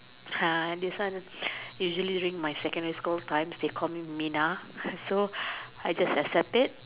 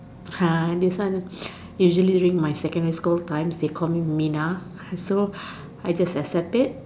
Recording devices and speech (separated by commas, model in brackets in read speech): telephone, standing microphone, conversation in separate rooms